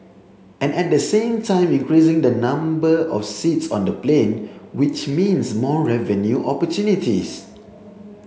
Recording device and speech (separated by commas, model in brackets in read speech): mobile phone (Samsung C7), read sentence